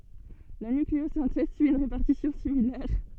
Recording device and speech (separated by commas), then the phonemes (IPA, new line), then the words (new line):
soft in-ear microphone, read sentence
la nykleozɛ̃tɛz syi yn ʁepaʁtisjɔ̃ similɛʁ
La nucléosynthèse suit une répartition similaire.